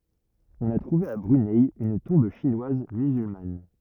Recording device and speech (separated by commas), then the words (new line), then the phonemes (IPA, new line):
rigid in-ear microphone, read sentence
On a trouvé à Brunei une tombe chinoise musulmane.
ɔ̃n a tʁuve a bʁynɛ yn tɔ̃b ʃinwaz myzylman